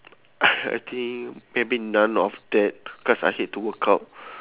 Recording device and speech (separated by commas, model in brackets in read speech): telephone, conversation in separate rooms